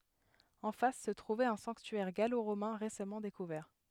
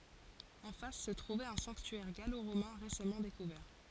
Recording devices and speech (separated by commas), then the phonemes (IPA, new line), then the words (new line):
headset microphone, forehead accelerometer, read sentence
ɑ̃ fas sə tʁuvɛt œ̃ sɑ̃ktyɛʁ ɡaloʁomɛ̃ ʁesamɑ̃ dekuvɛʁ
En face se trouvait un sanctuaire gallo-romain récemment découvert.